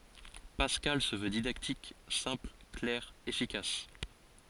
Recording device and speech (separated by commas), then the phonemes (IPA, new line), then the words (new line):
forehead accelerometer, read sentence
paskal sə vø didaktik sɛ̃pl klɛʁ efikas
Pascal se veut didactique, simple, clair, efficace.